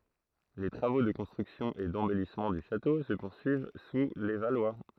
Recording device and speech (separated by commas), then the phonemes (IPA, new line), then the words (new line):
throat microphone, read sentence
le tʁavo də kɔ̃stʁyksjɔ̃ e dɑ̃bɛlismɑ̃ dy ʃato sə puʁsyiv su le valwa
Les travaux de construction et d'embellissement du château se poursuivent sous les Valois.